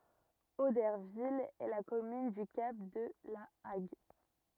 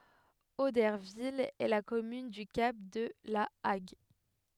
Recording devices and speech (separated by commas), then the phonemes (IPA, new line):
rigid in-ear microphone, headset microphone, read sentence
odɛʁvil ɛ la kɔmyn dy kap də la aɡ